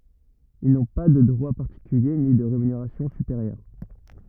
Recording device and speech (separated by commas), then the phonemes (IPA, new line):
rigid in-ear microphone, read sentence
il nɔ̃ pa də dʁwa paʁtikylje ni də ʁemyneʁasjɔ̃ sypeʁjœʁ